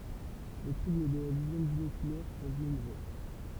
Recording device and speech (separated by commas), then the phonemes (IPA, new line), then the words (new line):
temple vibration pickup, read sentence
le tʁubl də la vizjɔ̃ binokylɛʁ sɔ̃ nɔ̃bʁø
Les troubles de la vision binoculaire sont nombreux.